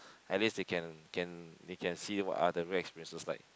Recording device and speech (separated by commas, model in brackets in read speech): close-talking microphone, conversation in the same room